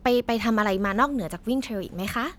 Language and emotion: Thai, neutral